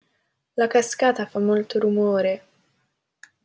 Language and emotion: Italian, sad